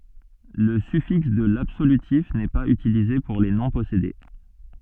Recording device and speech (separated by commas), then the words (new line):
soft in-ear microphone, read sentence
Le suffixe de l'absolutif n'est pas utilisé pour les noms possédés.